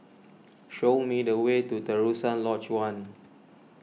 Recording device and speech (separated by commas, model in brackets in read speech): mobile phone (iPhone 6), read sentence